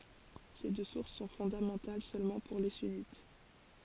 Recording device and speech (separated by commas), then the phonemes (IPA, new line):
forehead accelerometer, read sentence
se dø suʁs sɔ̃ fɔ̃damɑ̃tal sølmɑ̃ puʁ le synit